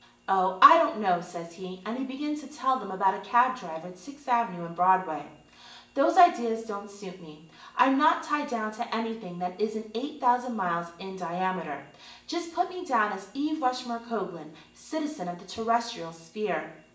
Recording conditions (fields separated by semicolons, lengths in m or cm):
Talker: one person; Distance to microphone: 1.8 m; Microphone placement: close; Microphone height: 1.0 m; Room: large; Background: none